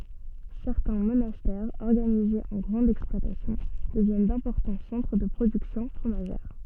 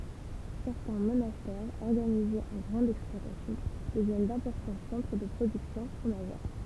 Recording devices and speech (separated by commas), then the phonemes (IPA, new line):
soft in-ear microphone, temple vibration pickup, read sentence
sɛʁtɛ̃ monastɛʁz ɔʁɡanizez ɑ̃ ɡʁɑ̃dz ɛksplwatasjɔ̃ dəvjɛn dɛ̃pɔʁtɑ̃ sɑ̃tʁ də pʁodyksjɔ̃ fʁomaʒɛʁ